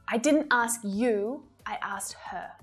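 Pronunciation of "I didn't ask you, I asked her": In 'I didn't ask you', the word 'you' is stressed and is heard really strong.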